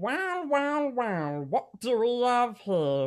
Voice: Nasal voice